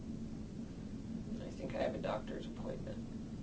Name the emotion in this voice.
neutral